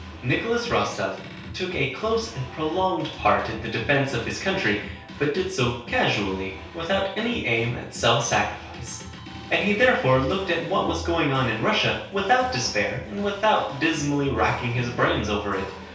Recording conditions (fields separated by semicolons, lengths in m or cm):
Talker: one person; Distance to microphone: 3.0 m; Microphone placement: far; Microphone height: 1.8 m; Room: small (3.7 m by 2.7 m); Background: music